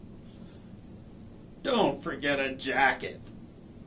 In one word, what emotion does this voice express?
disgusted